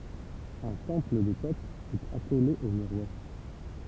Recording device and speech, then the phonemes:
temple vibration pickup, read sentence
œ̃ tɑ̃pl də to ɛt akole o myʁ wɛst

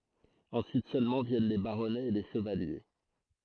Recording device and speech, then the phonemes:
throat microphone, read sentence
ɑ̃syit sølmɑ̃ vjɛn le baʁɔnɛz e le ʃəvalje

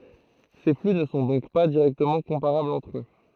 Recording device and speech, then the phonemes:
throat microphone, read sentence
se fly nə sɔ̃ dɔ̃k pa diʁɛktəmɑ̃ kɔ̃paʁablz ɑ̃tʁ ø

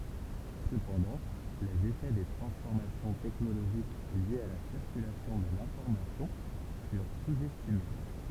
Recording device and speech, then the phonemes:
temple vibration pickup, read sentence
səpɑ̃dɑ̃ lez efɛ de tʁɑ̃sfɔʁmasjɔ̃ tɛknoloʒik ljez a la siʁkylasjɔ̃ də lɛ̃fɔʁmasjɔ̃ fyʁ suz ɛstime

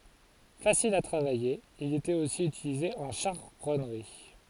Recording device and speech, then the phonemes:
forehead accelerometer, read sentence
fasil a tʁavaje il etɛt osi ytilize ɑ̃ ʃaʁɔnʁi

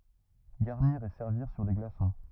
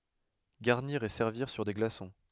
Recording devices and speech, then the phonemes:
rigid in-ear microphone, headset microphone, read sentence
ɡaʁniʁ e sɛʁviʁ syʁ de ɡlasɔ̃

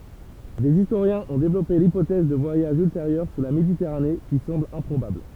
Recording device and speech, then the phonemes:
temple vibration pickup, read sentence
dez istoʁjɛ̃z ɔ̃ devlɔpe lipotɛz də vwajaʒz ylteʁjœʁ syʁ la meditɛʁane ki sɑ̃bl ɛ̃pʁobabl

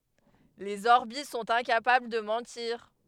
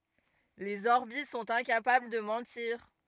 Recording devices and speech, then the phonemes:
headset microphone, rigid in-ear microphone, read sentence
lez ɔʁbi sɔ̃t ɛ̃kapabl də mɑ̃tiʁ

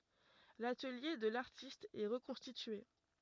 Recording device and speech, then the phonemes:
rigid in-ear microphone, read sentence
latəlje də laʁtist ɛ ʁəkɔ̃stitye

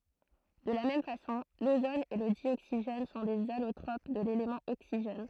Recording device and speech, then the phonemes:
throat microphone, read sentence
də la mɛm fasɔ̃ lozon e lə djoksiʒɛn sɔ̃ dez alotʁop də lelemɑ̃ oksiʒɛn

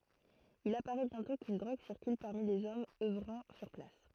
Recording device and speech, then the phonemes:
throat microphone, read sentence
il apaʁɛ bjɛ̃tɔ̃ kyn dʁoɡ siʁkyl paʁmi lez ɔmz œvʁɑ̃ syʁ plas

